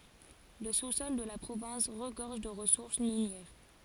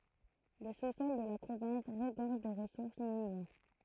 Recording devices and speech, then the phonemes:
forehead accelerometer, throat microphone, read sentence
lə susɔl də la pʁovɛ̃s ʁəɡɔʁʒ də ʁəsuʁs minjɛʁ

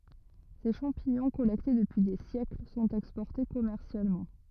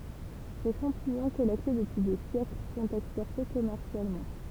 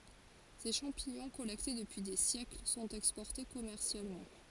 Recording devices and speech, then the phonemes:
rigid in-ear microphone, temple vibration pickup, forehead accelerometer, read sentence
se ʃɑ̃piɲɔ̃ kɔlɛkte dəpyi de sjɛkl sɔ̃t ɛkspɔʁte kɔmɛʁsjalmɑ̃

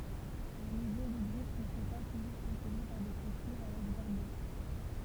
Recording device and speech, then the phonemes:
temple vibration pickup, read sentence
le mɛzɔ̃ də bʁik nə sɔ̃ pa tuʒuʁ pʁoteʒe paʁ de klotyʁ avɛk baʁbəle

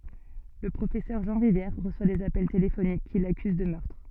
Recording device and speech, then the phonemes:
soft in-ear microphone, read sentence
lə pʁofɛsœʁ ʒɑ̃ ʁivjɛʁ ʁəswa dez apɛl telefonik ki lakyz də mœʁtʁ

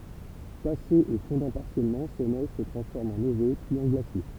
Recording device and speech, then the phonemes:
temple vibration pickup, read sentence
tasez e fɔ̃dɑ̃ paʁsjɛlmɑ̃ se nɛʒ sə tʁɑ̃sfɔʁmt ɑ̃ neve pyiz ɑ̃ ɡlasje

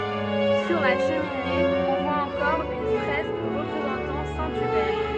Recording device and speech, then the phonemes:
soft in-ear microphone, read sentence
syʁ la ʃəmine ɔ̃ vwa ɑ̃kɔʁ yn fʁɛsk ʁəpʁezɑ̃tɑ̃ sɛ̃ ybɛʁ

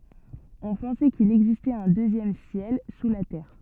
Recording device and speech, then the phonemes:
soft in-ear microphone, read sentence
ɔ̃ pɑ̃sɛ kil ɛɡzistɛt œ̃ døzjɛm sjɛl su la tɛʁ

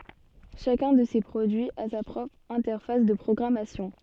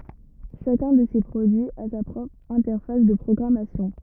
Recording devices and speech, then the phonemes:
soft in-ear microphone, rigid in-ear microphone, read sentence
ʃakœ̃ də se pʁodyiz a sa pʁɔpʁ ɛ̃tɛʁfas də pʁɔɡʁamasjɔ̃

